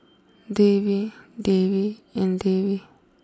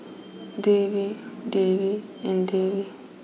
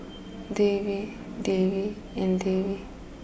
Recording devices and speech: close-talking microphone (WH20), mobile phone (iPhone 6), boundary microphone (BM630), read sentence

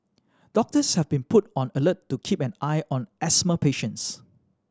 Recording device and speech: standing microphone (AKG C214), read sentence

